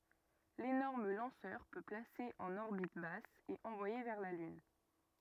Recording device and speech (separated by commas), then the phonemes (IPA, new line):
rigid in-ear microphone, read sentence
lenɔʁm lɑ̃sœʁ pø plase ɑ̃n ɔʁbit bas e ɑ̃vwaje vɛʁ la lyn